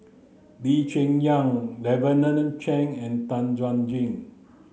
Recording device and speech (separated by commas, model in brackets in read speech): mobile phone (Samsung C9), read sentence